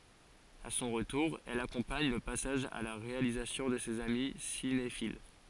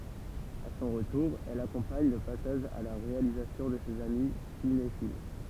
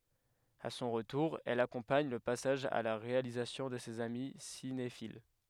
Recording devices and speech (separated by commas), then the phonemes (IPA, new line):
forehead accelerometer, temple vibration pickup, headset microphone, read sentence
a sɔ̃ ʁətuʁ ɛl akɔ̃paɲ lə pasaʒ a la ʁealizasjɔ̃ də sez ami sinefil